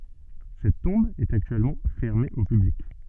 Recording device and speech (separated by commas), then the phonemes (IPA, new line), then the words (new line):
soft in-ear microphone, read sentence
sɛt tɔ̃b ɛt aktyɛlmɑ̃ fɛʁme o pyblik
Cette tombe est actuellement fermée au public.